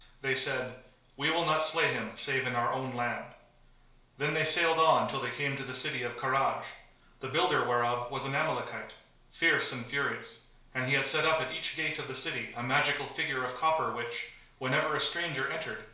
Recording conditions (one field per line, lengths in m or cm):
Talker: one person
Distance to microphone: 1.0 m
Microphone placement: close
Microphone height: 1.1 m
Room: small (3.7 m by 2.7 m)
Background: none